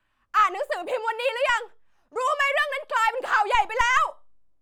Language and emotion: Thai, angry